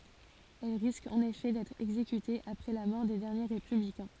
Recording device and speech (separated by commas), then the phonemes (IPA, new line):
forehead accelerometer, read sentence
ɛl ʁiskt ɑ̃n efɛ dɛtʁ ɛɡzekytez apʁɛ la mɔʁ de dɛʁnje ʁepyblikɛ̃